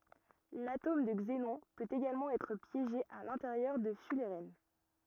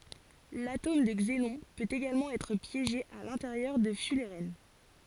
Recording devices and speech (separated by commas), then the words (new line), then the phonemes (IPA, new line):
rigid in-ear microphone, forehead accelerometer, read sentence
L'atome de xénon peut également être piégé à l'intérieur de fullerènes.
latom də ɡzenɔ̃ pøt eɡalmɑ̃ ɛtʁ pjeʒe a lɛ̃teʁjœʁ də fylʁɛn